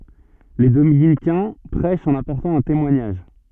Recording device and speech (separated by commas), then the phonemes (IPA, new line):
soft in-ear microphone, read sentence
le dominikɛ̃ pʁɛʃt ɑ̃n apɔʁtɑ̃ œ̃ temwaɲaʒ